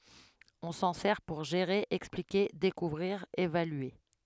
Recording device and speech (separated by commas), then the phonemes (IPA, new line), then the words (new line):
headset microphone, read sentence
ɔ̃ sɑ̃ sɛʁ puʁ ʒeʁe ɛksplike dekuvʁiʁ evalye
On s'en sert pour gérer, expliquer, découvrir, évaluer.